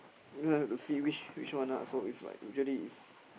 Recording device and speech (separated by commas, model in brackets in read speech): boundary microphone, conversation in the same room